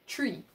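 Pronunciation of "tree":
This is 'three' said as 'tree': the th is pronounced as a t sound.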